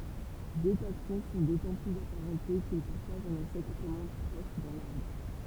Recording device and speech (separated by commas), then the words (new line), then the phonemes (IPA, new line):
temple vibration pickup, read sentence
Deux taxons sont d'autant plus apparentés qu'ils partagent un ancêtre commun proche dans l'arbre.
dø taksɔ̃ sɔ̃ dotɑ̃ plyz apaʁɑ̃te kil paʁtaʒt œ̃n ɑ̃sɛtʁ kɔmœ̃ pʁɔʃ dɑ̃ laʁbʁ